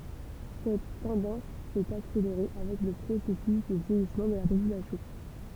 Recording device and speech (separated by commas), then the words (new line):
temple vibration pickup, read sentence
Cette tendance s'est accélérée avec le processus de vieillissement de la population.